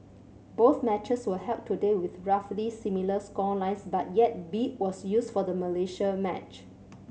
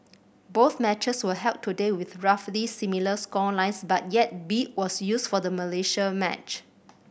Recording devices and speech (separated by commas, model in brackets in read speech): mobile phone (Samsung C7100), boundary microphone (BM630), read sentence